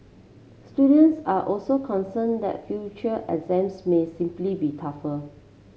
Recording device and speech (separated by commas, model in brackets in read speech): mobile phone (Samsung C7), read sentence